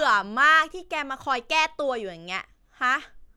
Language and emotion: Thai, frustrated